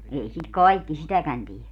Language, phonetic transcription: Finnish, 'ei sit "kaikki 'sitäkän tie .
- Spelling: ei sitä kaikki sitäkään tee

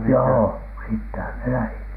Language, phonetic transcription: Finnish, joo , "sittehän ne 'lähit .
- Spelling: joo sittenhän ne lähti

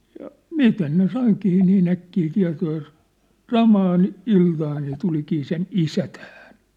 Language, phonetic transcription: Finnish, ja , "mistäs ne 'saikii nii'n ‿äkkii 'tia̭too ja ‿s- , "samaan , "iltaan se 'tulikii sen "isä tähᴀ̈ɴ .
- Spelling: ja mistäs ne saikin niin äkkiä tietoa ja - samaan iltaan se tulikin sen isä tähän

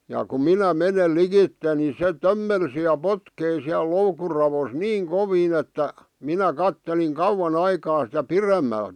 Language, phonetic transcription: Finnish, ja ku "minä "menel "likitte ni se "tömmelsi ja "potkei siäl "loukur ravos "niiŋ "koviin että , 'minä 'katteliŋ "kauwan ‿aikaa sitä "piremmält .
- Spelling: ja kun minä menen likitse niin se tömmelsi ja potki siellä loukun raossa niin kovin että minä katselin kauan aikaa sitä pidemmältä

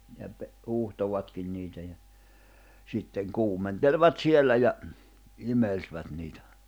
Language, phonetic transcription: Finnish, ja pe- , 'huuhtovatkin niitä ja , 'sitteŋ 'kuumenteĺvat 'siellä ja , 'imelsvät niitä .
- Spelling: ja - huuhtoivatkin niitä ja sitten kuumentelivat siellä ja imelsivät niitä

